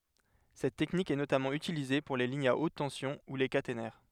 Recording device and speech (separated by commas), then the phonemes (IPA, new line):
headset microphone, read sentence
sɛt tɛknik ɛ notamɑ̃ ytilize puʁ le liɲz a ot tɑ̃sjɔ̃ u le katenɛʁ